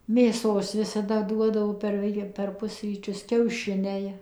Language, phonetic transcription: Lithuanian, mėˈsos visaˈda ˈduodavo per ˈvel' per ˈpusryčius kiauˈšiniai

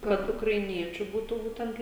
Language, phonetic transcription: Lithuanian, ˈkad ukraiˈniečių ˈbūtu ˈbūtent

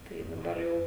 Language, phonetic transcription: Lithuanian, tai daˈbar jau

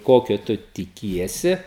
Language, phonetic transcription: Lithuanian, ˈkokio ˈtu tiˈkiesi

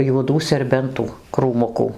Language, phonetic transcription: Lithuanian, juoˈdų serˈbentų krūˈmukų

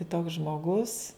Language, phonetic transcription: Lithuanian, kiˈtoks žmoˈgus

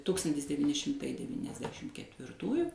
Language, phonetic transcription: Lithuanian, ˈtukstantis devyˈni šimˈtai devyniasˈdešim ketvirˈtųju

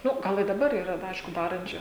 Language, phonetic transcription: Lithuanian, ˈnu ˈgal i daˈbar yˈra da ˈaišku ˈdarančiu

